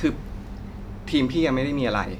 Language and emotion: Thai, frustrated